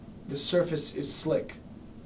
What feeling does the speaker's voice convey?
neutral